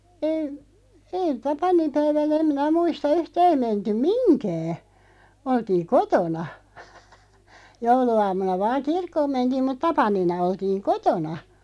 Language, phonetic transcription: Finnish, eeⁱ , eeⁱ 'tapanimpäivänä 'em 'minä 'muista "yhtää ei 'mentyᵐ "miŋkää , oltiiᵑ "kotona , "joulu₍aam̆muna vaaŋ "kirkkoom 'mentiim mut 'tapanina 'oltiiŋ "kotona .
- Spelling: ei ei tapaninpäivänä en minä muista yhtään ei menty mihinkään oltiin kotona jouluaamuna vain kirkkoon mentiin mutta tapanina oltiin kotona

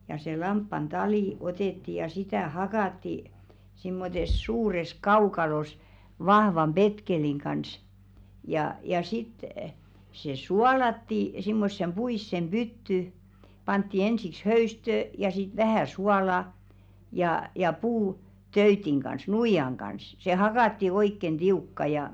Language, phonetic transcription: Finnish, ja se 'lamppan "talì 'otètti ja 'sitä̀ "hakàtti , simmotes suures 'kaukalos , 'vahvam "ʙetkeliŋ kans , ja , ja 'sit , se "sualatti , simmossem 'ʙuissem 'ʙytty , pantti 'ensiks "höystö̳̀§ , ja sit "vähä̀ 'suala , jà , ja 'puu- , "-töytiŋ ɢans , 'nuijaŋ ɢans se "hakàtti 'oikken 'ᴅiukka ja .
- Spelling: ja se lampaan tali otettiin ja sitä hakattiin semmoisessa suuressa kaukalossa vahvan petkeleen kanssa ja ja sitten se suolattiin semmoiseen puiseen pyttyyn pantiin ensiksi höystöä ja sitten vähän suolaa ja ja - puutöytin kanssa nuijan kanssa se hakattiin oikein tiukka ja

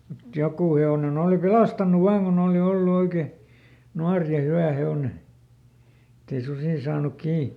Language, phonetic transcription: Finnish, mut ˈjokù he₍onen ‿òli "pelastan̆nuv ˈvaaŋ kun ‿ooli ˈollu ˈoike , "nuar ja "hywä ˈhe₍one , ettei ˈsusì saanuk ˈkii .
- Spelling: mutta joku hevonen oli pelastanut vain kun oli ollut oikein nuori ja hyvä hevonen että ei susi saanut kiinni

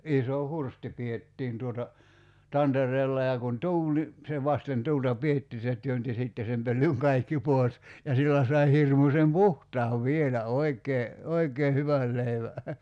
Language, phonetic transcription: Finnish, 'iso "hursti 'piettiin tuota , 'tanter̀eella ja kun "tuul ni , se 'vasten 'tuulta "pietti se 'työnti 'sìtte sem 'pöllyŋ 'kaikki "pòes , ja 'sillä sai 'hirmusem "puhtaav 'vielä "oik̀ee , "oikee 'hyväl 'leivä .
- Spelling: iso hursti pidettiin tuota tantereella ja kun tuuli niin se vasten tuulta pidettiin se työnsi sitten sen pölyn kaikki pois ja sillä sai hirmuisen puhtaan vielä oikein oikein hyvän leivän

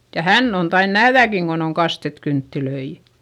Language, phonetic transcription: Finnish, ja hänn ‿on tain nähδäkiŋ Gon ‿on kastet kynttilöi .
- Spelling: ja hän on tainnut nähdäkin kun on kastettu kynttilöitä

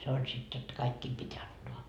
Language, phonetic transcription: Finnish, se oĺ sit jotta 'kaikkiim pit́ 'antoa .
- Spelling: se oli sitten jotta kaikkien piti antaa

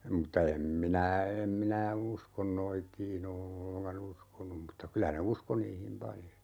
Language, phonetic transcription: Finnish, mutta 'em minä , 'em minä "uskon 'noitiin ‿o 'olleŋka"n ‿uskonum mutta 'kylä ne "usko niihim 'paljo .
- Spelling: mutta en minä en minä usko noitiin ole ollenkaan uskonut mutta kyllä ne uskoi niihin paljon

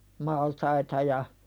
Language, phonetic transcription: Finnish, maltaita ja ,.
- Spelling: maltaita ja

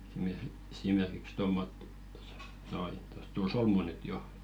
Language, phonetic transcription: Finnish, esimers- esimerkiks 'tommottɪ tᴏsᴀ noi , tᴏs 'tul "solmu nyt 'jo .
- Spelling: - esimerkiksi tuommoisia tuossa noin tuossa tuli solmu nyt jo

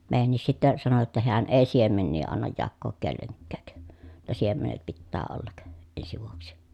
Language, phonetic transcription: Finnish, mèijännis sittä , sano jotta heän èi siemennii annaj jakkook kelleŋkkä̀k , [jot]ta siemenet pittää ollak , ensi vuoksi .
- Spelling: meidänkin sitten sanoi jotta hän ei siemeniä anna jakoon kenellekään jotta siemenet pitää olla ensi vuodeksi

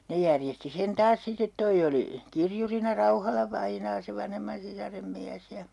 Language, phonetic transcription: Finnish, 'ne järjesti sen taas 'sit̆tet 'toi oli , "kirjurina 'Rauhala-vainaa se 'vanhemman sisarem 'miäs ja , .
- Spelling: ne järjesti sen taas sitten tuo oli kirjurina Rauhala-vainaa se vanhemman sisaren mies ja

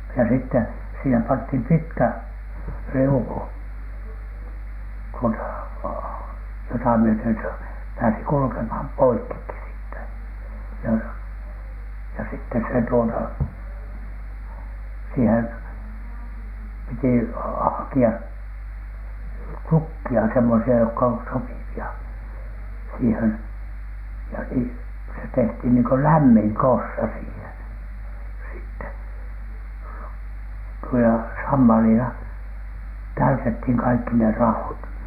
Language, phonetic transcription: Finnish, ja sitte , 'siihem panthim "pitkä , "riuku , tuota , jota myöt̳ö̳n (se) pääsi kulkemhan "poikkikki siittä , ja , ja sitte se tuota , siihem , piti haki₍a , "tukki₍a semmosi₍a jokka on 'sopivi₍a , siihen , ja ni- , se tehthin niiŋko "lämmiŋ "kossa siihen , sitte , (nu-) ja 'sammalila , "täytethiŋ kaikki ne 'ra₍ot .
- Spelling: ja sitten siihen pantiin pitkä riuku tuota jota myöten se pääsi kulkemaan poikki siitä ja ja sitten se tuota siihen piti hakea tukkeja semmoisia jotka on sopivia siihen ja - se tehtiin niin kuin lämmin kossa siihen sitten - ja sammalilla täytettiin kaikki ne raot

